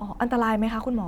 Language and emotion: Thai, neutral